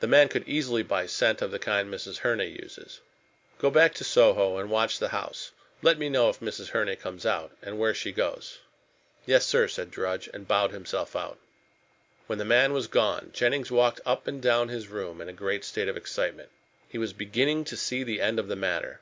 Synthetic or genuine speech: genuine